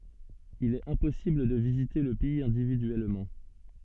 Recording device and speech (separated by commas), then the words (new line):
soft in-ear microphone, read sentence
Il est impossible de visiter le pays individuellement.